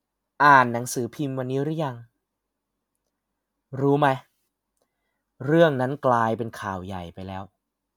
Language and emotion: Thai, frustrated